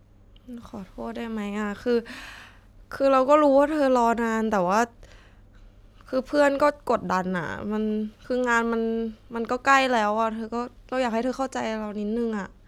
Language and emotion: Thai, sad